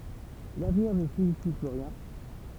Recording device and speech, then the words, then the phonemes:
temple vibration pickup, read sentence
L’avenir ne signifie plus rien.
lavniʁ nə siɲifi ply ʁjɛ̃

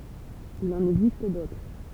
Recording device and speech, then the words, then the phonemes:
temple vibration pickup, read sentence
Il en existe d'autres.
il ɑ̃n ɛɡzist dotʁ

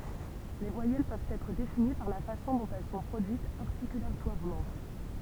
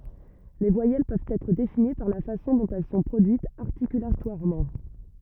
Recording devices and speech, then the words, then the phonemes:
temple vibration pickup, rigid in-ear microphone, read sentence
Les voyelles peuvent être définies par la façon dont elles sont produites articulatoirement.
le vwajɛl pøvt ɛtʁ defini paʁ la fasɔ̃ dɔ̃t ɛl sɔ̃ pʁodyitz aʁtikylatwaʁmɑ̃

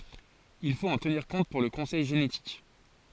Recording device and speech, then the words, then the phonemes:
forehead accelerometer, read sentence
Il faut en tenir compte pour le conseil génétique.
il fot ɑ̃ təniʁ kɔ̃t puʁ lə kɔ̃sɛj ʒenetik

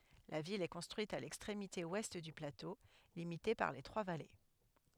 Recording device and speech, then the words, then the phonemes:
headset microphone, read sentence
La ville est construite à l'extrémité ouest du plateau, limité par les trois vallées.
la vil ɛ kɔ̃stʁyit a lɛkstʁemite wɛst dy plato limite paʁ le tʁwa vale

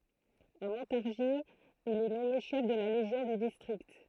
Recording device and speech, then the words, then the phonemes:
throat microphone, read sentence
À Montargis, il est nommé chef de la légion du district.
a mɔ̃taʁʒi il ɛ nɔme ʃɛf də la leʒjɔ̃ dy distʁikt

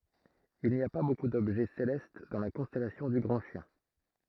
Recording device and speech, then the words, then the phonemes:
throat microphone, read sentence
Il n'y a pas beaucoup d'objets célestes dans la constellation du Grand Chien.
il ni a pa boku dɔbʒɛ selɛst dɑ̃ la kɔ̃stɛlasjɔ̃ dy ɡʁɑ̃ ʃjɛ̃

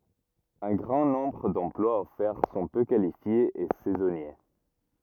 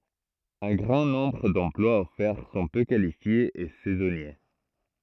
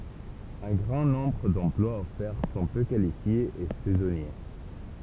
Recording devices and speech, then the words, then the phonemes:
rigid in-ear microphone, throat microphone, temple vibration pickup, read sentence
Un grand nombre d'emplois offerts sont peu qualifiés et saisonniers.
œ̃ ɡʁɑ̃ nɔ̃bʁ dɑ̃plwaz ɔfɛʁ sɔ̃ pø kalifjez e sɛzɔnje

